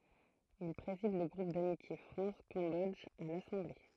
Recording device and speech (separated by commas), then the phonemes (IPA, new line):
throat microphone, read sentence
il pʁezid lə ɡʁup damitje fʁɑ̃s kɑ̃bɔdʒ a lasɑ̃ble